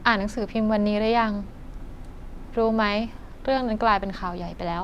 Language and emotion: Thai, neutral